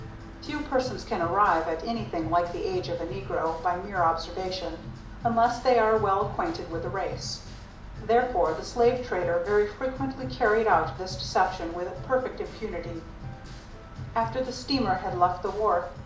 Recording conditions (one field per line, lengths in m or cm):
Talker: one person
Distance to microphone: 2.0 m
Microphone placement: close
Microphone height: 99 cm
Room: medium-sized (5.7 m by 4.0 m)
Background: music